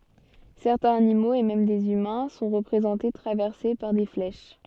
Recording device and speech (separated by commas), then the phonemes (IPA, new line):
soft in-ear microphone, read sentence
sɛʁtɛ̃z animoz e mɛm dez ymɛ̃ sɔ̃ ʁəpʁezɑ̃te tʁavɛʁse paʁ de flɛʃ